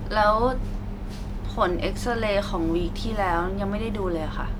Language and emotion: Thai, frustrated